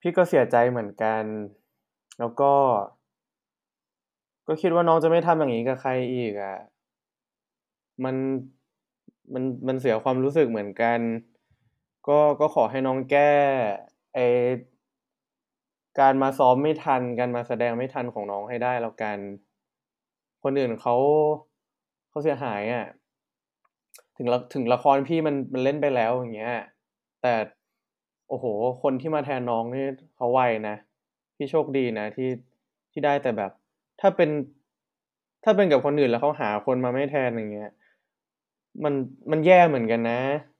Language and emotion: Thai, frustrated